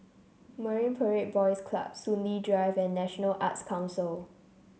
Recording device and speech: mobile phone (Samsung C7), read sentence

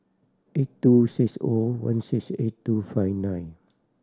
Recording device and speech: standing microphone (AKG C214), read sentence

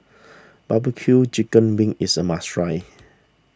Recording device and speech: standing microphone (AKG C214), read sentence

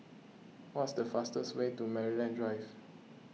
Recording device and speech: mobile phone (iPhone 6), read sentence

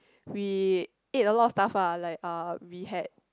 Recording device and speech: close-talking microphone, conversation in the same room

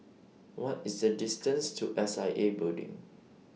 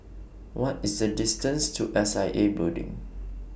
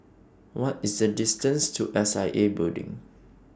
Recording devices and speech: mobile phone (iPhone 6), boundary microphone (BM630), standing microphone (AKG C214), read sentence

